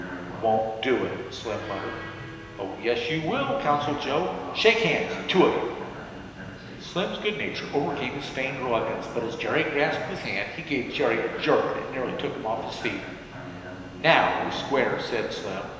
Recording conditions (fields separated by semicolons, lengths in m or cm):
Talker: one person; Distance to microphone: 1.7 m; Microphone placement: close; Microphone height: 1.0 m; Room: very reverberant, large; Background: television